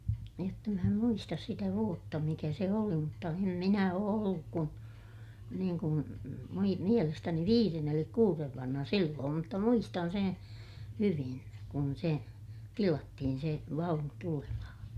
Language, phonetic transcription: Finnish, jotta mä em muistas sitä vuotta mikä se oli mutta em minä oo olluk kun , niiŋ kun , mui - mielestäni viiren ‿elik kuurev vanha silloom mutta muistan seè , hyvin , kun se , tilattihin se vaunu tulemahaa̰ .
- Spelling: jotta minä en muista sitä vuotta mikä se oli mutta en minä ole ollut kuin niin kuin - mielestäni viiden eli kuuden vanha silloin mutta muistan sen hyvin kun se tilattiin se vaunu tulemaan

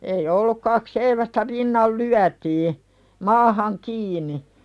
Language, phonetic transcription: Finnish, ei "olluk kak 'seivästä "rinnal 'lyätii , "maahaŋ 'kiini .
- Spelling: ei ollut kaksi seivästä rinnan lyötiin maahan kiinni

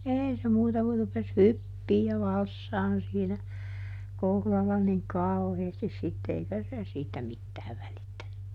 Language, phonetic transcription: Finnish, ˈèi se ˈmuuta ku rupes "hyppii ja ˈvalssaan siinä , ˈkohlalla niŋ "kau̬heestis ˈsitte eikä se ˈsiitä ˈmittääv välittäny .
- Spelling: ei se muuta kuin rupesi hyppimään ja valssaamaan siinä kohdalla niin kauheasti sitten eikä se siitä mitään välittänyt

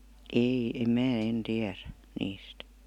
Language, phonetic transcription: Finnish, 'ei , em "mää 'en "tiärä , 'niist .
- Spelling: ei en minä en tiedä niistä

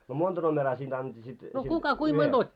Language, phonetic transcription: Finnish, no "monta 'nomeraa siinᴅ ‿annetti sit , siint 'kerral ?
- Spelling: no monta numeroa siinä annettiin sitten siitä kerralla

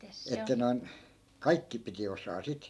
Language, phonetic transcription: Finnish, että noi̮n , "kaikki piti osaa 'sit .
- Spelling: että noin kaikki piti osata sitten

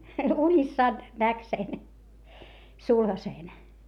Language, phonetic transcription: Finnish, unissaan , näk sen , sulhaseen .
- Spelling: unissaan näki sen sulhasen

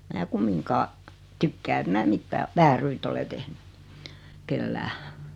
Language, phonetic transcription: Finnish, mää 'kummiŋkaa , 'tykkää et 'mää "mittää , 'vääryt ‿ole 'tehny , 'kellää .
- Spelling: minä kumminkaan tykkää että minä mitään vääryyttä ole tehnyt kenellekään

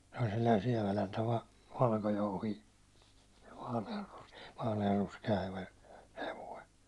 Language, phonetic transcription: Finnish, se oĺ selläin̬ 'siɛväläntä va- , 'valkojouhii , vaale₍arrus- , 'vaale₍arruske₍a hev- , hevoi .
- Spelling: se oli sellainen sieväläntä - valkojouhi - vaaleanruskea - hevonen

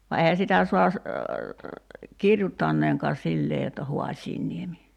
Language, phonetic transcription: Finnish, va eihä 'sitä sua ‿s- , "kirjuttanneeŋkaa "sillee jotta 'Ho̭aśiinniemi .
- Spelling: vaan eihän sitä saa - kirjoittaakaan sillä tavalla jotta Hoasianniemi

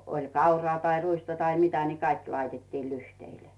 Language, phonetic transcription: Finnish, oĺ 'kauraa tai 'ruista tai 'mitä ni "kaik laitettii 'lyhteilᴇ .
- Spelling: oli kauraa tai ruista tai mitä niin kaikki laitettiin lyhteille

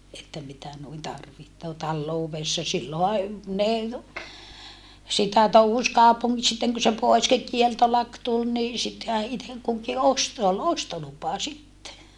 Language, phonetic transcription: Finnish, että mitä nuin tarvihtoo tallouvessa silloha , ne , sitä touhus kaupuŋŋi - sitteŋ ku se pois ki - kieltolak tul ni , sittehä itek kuki ost se ol ostolupa sitte .
- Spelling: että mitä noin tarvitsee taloudessa silloinhan ne sitä touhusi - sitten kun se pois - kieltolaki tuli niin sittenhän itse kukin osti se oli ostolupa sitten

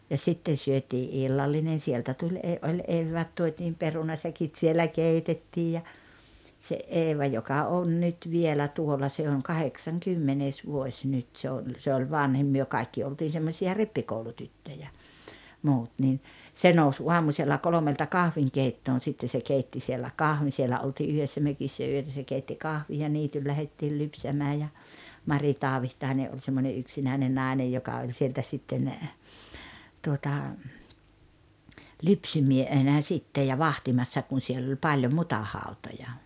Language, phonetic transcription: Finnish, ja 'sitten syötii "’illallinen̬ 'sieltä tuĺ 'ee oĺ 'evväät tuot́iim 'perunasäkit sielä "keitettiij ja , se "Eeva joka 'on 'nyt 'vielä 'tuol̆la se oŋ "kaheksaŋkymmenès 'vuoś nyt se oĺ se oĺ "vanhim 'myö 'kaikki oltiin̬ semmosi₍a "rippikoulutyttöjä , 'muut nii , 'se nous 'uamusella 'kolomelta "kahviŋkeittoon̬ sitte se 'keitti siellä "kahvin 'sielä oltii 'yhessä 'mökissä 'yötä se keitti 'kahvij ja 'niityl lähettiil 'lypsämää ja , 'Mari "Taavihtaine ’oĺ semmońe 'yksinä̀ine 'nàinej joka oĺ sieltä sitten , tuota , "lypsymie-,-henä 'sittej ja "vahtimassa kun̬ 'siell ‿oĺ 'paĺjo "mutahàutoja .
- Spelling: ja sitten syötiin illallinen sieltä tuli ei oli eväät tuotiin perunasäkit siellä keitettiin ja se Eeva joka on nyt vielä tuolla se on kahdeksaskymmenes vuosi nyt se oli se oli vanhin me kaikki oltiin semmoisia rippikoulutyttöjä muut niin se nousi aamusella kolmelta kahvinkeittoon sitten se keitti siellä kahvin siellä oltiin yhdessä mökissä yötä se keitti kahvin ja niitylle lähdettiin lypsämään ja Mari Taavitsainen oli semmoinen yksinäinen nainen joka oli sieltä sitten tuota lypsymiehenä sitten ja vahtimassa kun siellä oli paljon mutahautoja

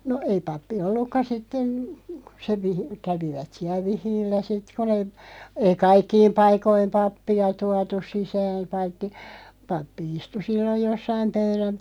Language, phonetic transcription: Finnish, no 'ei 'pappi "ollukka 'sitten , (kᴜ) se vihi- , 'kävivät siäl "vihiillä 'sit ku nee , ei "kaikkiim 'paik̆koim "pappi₍a 'tuatus 'sisääᵐ 'paitti , 'pappi 'istu 'silloʲ 'jossaim "pöyräm- ,.
- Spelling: no ei pappi ollutkaan sitten kun se - kävivät siellä vihillä sitten kun ne ei kaikkiin paikkoihin pappia tuotu sisään paitsi pappi istui silloin jossakin -

